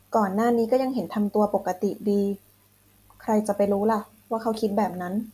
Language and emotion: Thai, sad